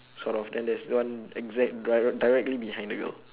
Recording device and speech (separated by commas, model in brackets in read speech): telephone, conversation in separate rooms